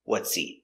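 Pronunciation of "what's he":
In "what's he", the h of "he" is silent.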